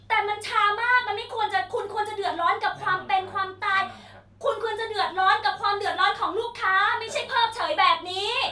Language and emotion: Thai, angry